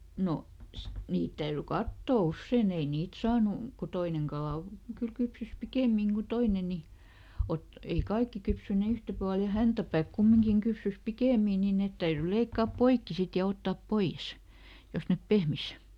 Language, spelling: Finnish, no niitä täytyi katsoa usein ei niitä saanut kun toinen kala on kyllä kypsyi pikemmin kuin toinen niin - ei kaikki kypsyneet yhtä paljon ja häntäpää kumminkin kypsyi pikemmin niin ne täytyi leikata poikki sitten ja ottaa pois jos ne pehmeni
- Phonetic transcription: ˈno , ˈniit täyry "kattò "ussèn ‿ei ˈniit saanu , ku ˈtoineŋ ˈkalà o , kyl ˈkypsys "pikèmiŋ Gu ˈtoine ni , ˈot- , ei "kaikki kypsyne ˈyhtä (paljo) ja "häntäpääk ˈkummiŋkiŋ ˈkypsys "pikèmì nii ˈnèt täyry ˈleikkaap "poikki sit ja ˈottaa "poi-ʲes , ˈjos nep ˈpehmis .

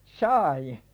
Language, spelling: Finnish, sai
- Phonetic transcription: sài .

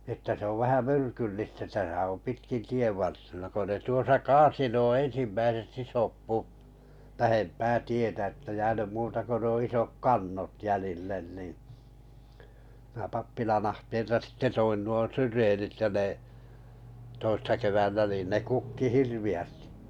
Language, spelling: Finnish, että se on vähän myrkyllistä tässä on pitkin tienvarsina kun ne tuossa kaatoi nuo ensimmäiset isot puut lähempää tietä että jäänyt muuta kuin nuo isot kannot jäljille niin minä pappilan ahteelta sitten toin nuo syreenit ja ne toissa keväänä niin ne kukki hirveästi
- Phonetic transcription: että 'se ov vähä 'myrkyllistä täsä om 'pitkin 'tievvar(tina) ko ne 'tuosa "kaasi 'nuo 'ensimmäiset 'isop 'puu(t) 'lähempää tietä ᵉttä jäänym 'muuta ko nuo 'isok "kannot 'jälillen ni , mⁱnä 'pappilan ahteelta sitte 'toin nuo syreenit ja ne , 'toissa kevännä niin ne 'kukki "hirvi₍ästɪ .

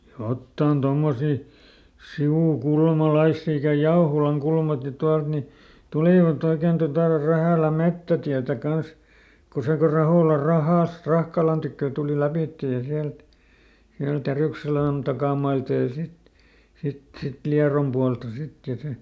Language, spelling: Finnish, jotakin tuommoisia sivukulmalaisia ikänä Jauholankulmakin tuolta niin tulivat oikein tuota Rähälän metsätietä kanssa kun se kun Raholan rahasta Rahkalan tykö tuli lävitse ja sieltä sieltä Järykselän takamailta ja sitten sitten sitten Liedon puolta sitten ja sitten
- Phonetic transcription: "jottàn ˈtommosi , "si₍ùˈkulmaˈlaissi ikä ˈJaoholaŋˈkulmaki ˈtualt ni , ˈtulìvaˈt ‿oiken totà ˈRähä̀lä "mettätiätä ˈkans , ko ˈse ko ˈRahòla "rahàst ˈRahkalan tykkö̀ tùli ˈläpìtte ja ˈsiält , siält "Järỳkselä̀n ˈtakàmailta ja ˈsit , sit ˈsit "Liarom pualta ˈsit ja si .

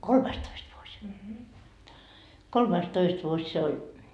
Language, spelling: Finnish, kolmastoista vuosi kolmastoista vuosi se oli
- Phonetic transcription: 'kolmaistoist vuoś , 'kolmaistoist vuoś 'se oĺ .

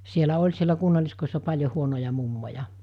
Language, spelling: Finnish, siellä oli siellä kunnalliskodissa paljon huonoja mummoja
- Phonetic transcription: sielä 'oĺ sielä 'kunnaliskoissa 'paĺjo 'huonoja 'mummoja ?

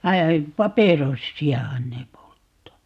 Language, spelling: Finnish, vaan paperossiahan ne polttaa
- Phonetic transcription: va , "paperossi₍ahan ne 'polttaa .

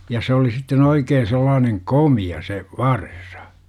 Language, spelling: Finnish, ja se oli sitten oikein sellainen komea se varsa
- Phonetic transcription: ja 's ‿oli sitten 'oikeen̬ sellaaneŋ "komi₍a 'se , "varsA .

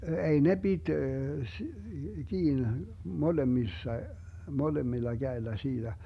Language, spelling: Finnish, ei ne piti - kiinni molemmissa molemmilla kädellä siitä
- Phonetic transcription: 'ei ne 'Bit , s- , 'kiin , 'molemmissa , 'molemmilla 'Gäellä 'siiDä .

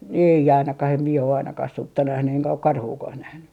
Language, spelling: Finnish, ei ainakaan en minä ole ainakaan sutta nähnyt enkä ole karhuakaan nähnyt
- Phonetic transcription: 'ei 'ainakah ‿em mie o ainakah "sutta 'nähny eŋkä ok "karhuukah 'nähny .

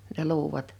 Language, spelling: Finnish, ne luudat
- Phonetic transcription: ne 'luuwat ?

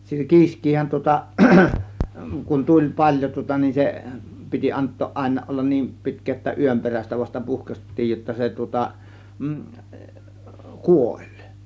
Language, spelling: Finnish, kiiskihän tuota kun tuli paljon tuota niin se piti antaa aina olla niin pitkään jotta yön perästä vasta puhkaistiin jotta se tuota kuoli
- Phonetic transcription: kiisk̆kiihän tŭŏta , kun 'tuĺ "paĺjo tŭŏta nin 'se , 'piti "ant̆tooˀ ˀàėǹa 'ollan 'niim 'pi̬tk̆kee [jot]ta 'yöm perästä vasta 'puhkaśt̆tiij jotta se tŭŏta , "kuOĹ .

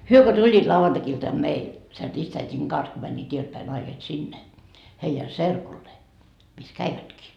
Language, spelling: Finnish, he kun tulivat lauantai-iltana meille sen ristiäidin kanssa kun menivät edeltäpäin naiset sinne heidän serkulleen missä kävivätkin
- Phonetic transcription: 'hyö ko 'tuĺĺiit 'lauvantakiltam "meil , sen 'ristäit́iŋ 'kans ko mäńńiit 'ieltpäi 'naiset "sinne , heijä "serkullee , mis 'käivätkii .

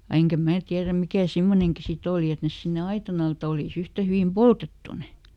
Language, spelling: Finnish, ja enkä minä tiedä mikä semmoinenkin sitten oli että ne sinne aitan alle että olisi yhtä hyvin poltettu ne
- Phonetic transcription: ja eŋkä "mää tiärä ˈmikä̀ ˈsimmoneŋki si"t ‿òli et ˈnes sinne ˈaitan ‿al ᵉˈt ‿olìˈs ‿yhtä hyvim "poltettu ne .

